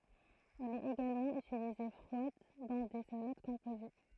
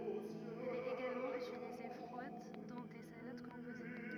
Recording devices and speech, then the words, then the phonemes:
throat microphone, rigid in-ear microphone, read sentence
Elle est également utilisée froide dans des salades composées.
ɛl ɛt eɡalmɑ̃ ytilize fʁwad dɑ̃ de salad kɔ̃poze

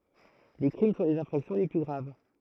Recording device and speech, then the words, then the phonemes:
throat microphone, read sentence
Les crimes sont les infractions les plus graves.
le kʁim sɔ̃ lez ɛ̃fʁaksjɔ̃ le ply ɡʁav

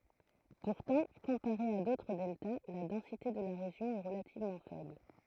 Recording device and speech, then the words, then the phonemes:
throat microphone, read sentence
Pourtant, comparé à d’autres deltas, la densité de la région est relativement faible.
puʁtɑ̃ kɔ̃paʁe a dotʁ dɛlta la dɑ̃site də la ʁeʒjɔ̃ ɛ ʁəlativmɑ̃ fɛbl

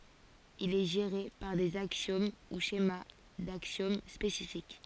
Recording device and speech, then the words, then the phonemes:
forehead accelerometer, read sentence
Il est géré par des axiomes ou schémas d'axiomes spécifiques.
il ɛ ʒeʁe paʁ dez aksjom u ʃema daksjom spesifik

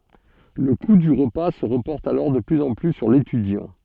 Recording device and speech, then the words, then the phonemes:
soft in-ear microphone, read sentence
Le coût du repas se reporte alors de plus en plus sur l'étudiant.
lə ku dy ʁəpa sə ʁəpɔʁt alɔʁ də plyz ɑ̃ ply syʁ letydjɑ̃

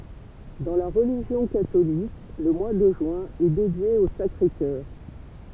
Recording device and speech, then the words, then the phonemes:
temple vibration pickup, read sentence
Dans la religion catholique, le mois de juin est dédié au Sacré-Cœur.
dɑ̃ la ʁəliʒjɔ̃ katolik lə mwa də ʒyɛ̃ ɛ dedje o sakʁe kœʁ

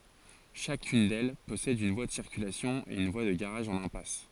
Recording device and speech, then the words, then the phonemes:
forehead accelerometer, read sentence
Chacune d'elles possède une voie de circulation et une voie de garage en impasse.
ʃakyn dɛl pɔsɛd yn vwa də siʁkylasjɔ̃ e yn vwa də ɡaʁaʒ ɑ̃n ɛ̃pas

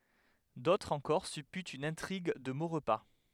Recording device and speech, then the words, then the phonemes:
headset microphone, read sentence
D’autres encore supputent une intrigue de Maurepas.
dotʁz ɑ̃kɔʁ sypytt yn ɛ̃tʁiɡ də moʁpa

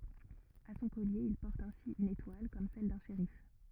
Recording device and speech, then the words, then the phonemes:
rigid in-ear microphone, read sentence
À son collier, il porte ainsi une étoile comme celle d'un shérif.
a sɔ̃ kɔlje il pɔʁt ɛ̃si yn etwal kɔm sɛl dœ̃ ʃeʁif

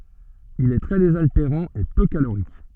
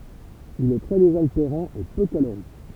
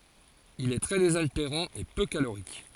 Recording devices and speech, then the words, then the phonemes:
soft in-ear microphone, temple vibration pickup, forehead accelerometer, read sentence
Il est très désaltérant et peu calorique.
il ɛ tʁɛ dezalteʁɑ̃ e pø kaloʁik

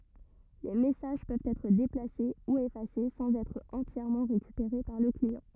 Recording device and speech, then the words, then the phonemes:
rigid in-ear microphone, read sentence
Les messages peuvent être déplacés ou effacés sans être entièrement récupérés par le client.
le mɛsaʒ pøvt ɛtʁ deplase u efase sɑ̃z ɛtʁ ɑ̃tjɛʁmɑ̃ ʁekypeʁe paʁ lə kliɑ̃

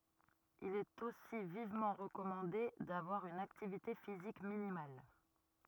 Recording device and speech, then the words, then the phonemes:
rigid in-ear microphone, read sentence
Il est aussi vivement recommandé d'avoir une activité physique minimale.
il ɛt osi vivmɑ̃ ʁəkɔmɑ̃de davwaʁ yn aktivite fizik minimal

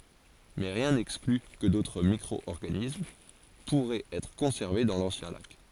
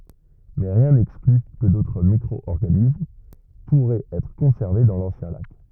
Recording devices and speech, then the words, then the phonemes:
forehead accelerometer, rigid in-ear microphone, read sentence
Mais rien n'exclut que d'autres microorganismes pourraient être conservés dans l'ancien lac.
mɛ ʁjɛ̃ nɛkskly kə dotʁ mikʁɔɔʁɡanism puʁɛt ɛtʁ kɔ̃sɛʁve dɑ̃ lɑ̃sjɛ̃ lak

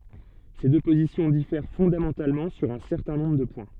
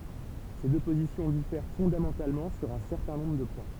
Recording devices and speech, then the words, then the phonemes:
soft in-ear microphone, temple vibration pickup, read sentence
Ces deux positions diffèrent fondamentalement sur un certain nombre de points.
se dø pozisjɔ̃ difɛʁ fɔ̃damɑ̃talmɑ̃ syʁ œ̃ sɛʁtɛ̃ nɔ̃bʁ də pwɛ̃

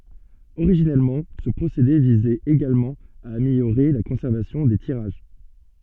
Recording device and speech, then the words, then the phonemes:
soft in-ear microphone, read sentence
Originellement, ce procédé visait également à améliorer la conservation des tirages.
oʁiʒinɛlmɑ̃ sə pʁosede vizɛt eɡalmɑ̃ a ameljoʁe la kɔ̃sɛʁvasjɔ̃ de tiʁaʒ

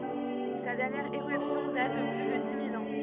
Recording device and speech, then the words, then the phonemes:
rigid in-ear microphone, read sentence
Sa dernière éruption date de plus de dix mille ans.
sa dɛʁnjɛʁ eʁypsjɔ̃ dat də ply də di mil ɑ̃

